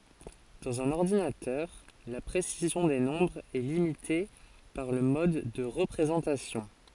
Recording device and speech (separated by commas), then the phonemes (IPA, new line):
forehead accelerometer, read sentence
dɑ̃z œ̃n ɔʁdinatœʁ la pʁesizjɔ̃ de nɔ̃bʁz ɛ limite paʁ lə mɔd də ʁəpʁezɑ̃tasjɔ̃